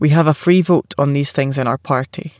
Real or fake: real